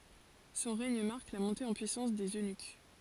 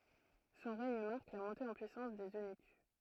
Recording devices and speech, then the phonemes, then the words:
forehead accelerometer, throat microphone, read sentence
sɔ̃ ʁɛɲ maʁk la mɔ̃te ɑ̃ pyisɑ̃s dez ønyk
Son règne marque la montée en puissance des eunuques.

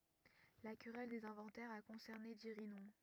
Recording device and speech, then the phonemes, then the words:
rigid in-ear microphone, read sentence
la kʁɛl dez ɛ̃vɑ̃tɛʁz a kɔ̃sɛʁne diʁinɔ̃
La querelle des inventaires a concerné Dirinon.

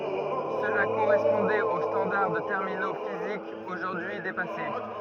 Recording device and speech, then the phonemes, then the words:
rigid in-ear microphone, read sentence
səla koʁɛspɔ̃dɛt o stɑ̃daʁ də tɛʁmino fizikz oʒuʁdyi depase
Cela correspondait aux standards de terminaux physiques aujourd'hui dépassés.

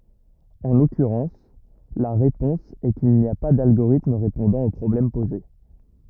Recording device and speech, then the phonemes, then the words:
rigid in-ear microphone, read sentence
ɑ̃ lɔkyʁɑ̃s la ʁepɔ̃s ɛ kil ni a pa dalɡoʁitm ʁepɔ̃dɑ̃ o pʁɔblɛm poze
En l'occurrence, la réponse est qu'il n'y a pas d'algorithme répondant au problème posé.

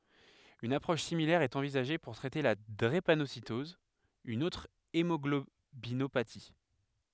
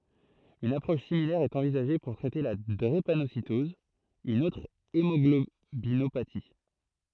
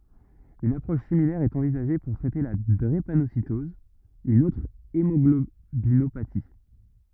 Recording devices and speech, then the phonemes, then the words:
headset microphone, throat microphone, rigid in-ear microphone, read sentence
yn apʁɔʃ similɛʁ ɛt ɑ̃vizaʒe puʁ tʁɛte la dʁepanositɔz yn otʁ emɔɡlobinopati
Une approche similaire est envisagée pour traiter la drépanocytose, une autre hémoglobinopathie.

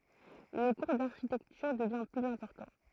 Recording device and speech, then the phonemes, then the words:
throat microphone, read sentence
lə kuʁ daʁʃitɛktyʁ dəvjɛ̃ plyz ɛ̃pɔʁtɑ̃
Le cours d'architecture devient plus important.

